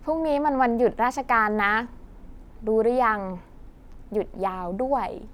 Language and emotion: Thai, happy